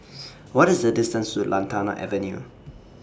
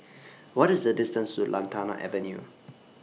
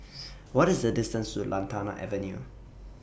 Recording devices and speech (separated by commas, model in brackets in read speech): standing microphone (AKG C214), mobile phone (iPhone 6), boundary microphone (BM630), read sentence